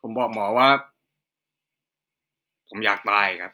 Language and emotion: Thai, frustrated